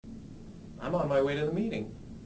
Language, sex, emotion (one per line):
English
male
neutral